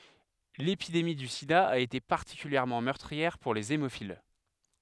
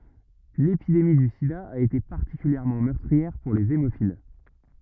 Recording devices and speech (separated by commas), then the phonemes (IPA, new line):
headset microphone, rigid in-ear microphone, read sentence
lepidemi dy sida a ete paʁtikyljɛʁmɑ̃ mœʁtʁiɛʁ puʁ lez emofil